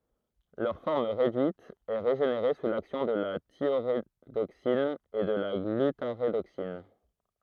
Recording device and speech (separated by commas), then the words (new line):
throat microphone, read sentence
Leur forme réduite est régénérée sous l'action de la thiorédoxine ou de la glutarédoxine.